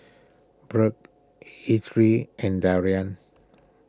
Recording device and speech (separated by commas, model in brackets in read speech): close-talking microphone (WH20), read sentence